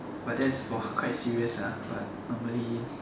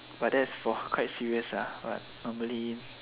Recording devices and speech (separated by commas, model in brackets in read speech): standing microphone, telephone, conversation in separate rooms